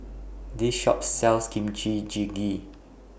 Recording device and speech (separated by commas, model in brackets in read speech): boundary microphone (BM630), read sentence